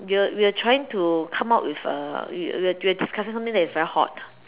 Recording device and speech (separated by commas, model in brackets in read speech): telephone, conversation in separate rooms